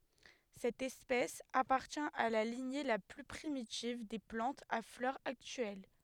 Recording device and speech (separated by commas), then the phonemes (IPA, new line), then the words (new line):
headset microphone, read sentence
sɛt ɛspɛs apaʁtjɛ̃ a la liɲe la ply pʁimitiv de plɑ̃tz a flœʁz aktyɛl
Cette espèce appartient à la lignée la plus primitive des plantes à fleurs actuelles.